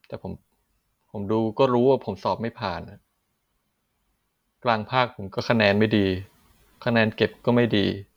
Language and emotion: Thai, sad